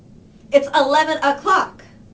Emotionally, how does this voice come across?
angry